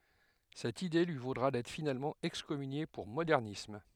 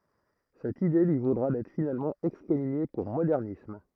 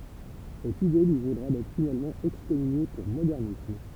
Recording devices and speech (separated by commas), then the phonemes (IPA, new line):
headset microphone, throat microphone, temple vibration pickup, read sentence
sɛt ide lyi vodʁa dɛtʁ finalmɑ̃ ɛkskɔmynje puʁ modɛʁnism